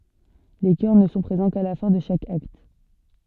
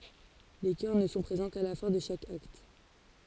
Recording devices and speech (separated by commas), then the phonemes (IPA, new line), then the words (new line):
soft in-ear microphone, forehead accelerometer, read sentence
le kœʁ nə sɔ̃ pʁezɑ̃ ka la fɛ̃ də ʃak akt
Les chœurs ne sont présents qu'à la fin de chaque acte.